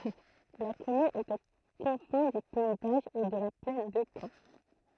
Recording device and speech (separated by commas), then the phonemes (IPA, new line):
throat microphone, read sentence
la kɔmyn ɛt o kɔ̃fɛ̃ dy pɛi doʒ e də la plɛn də kɑ̃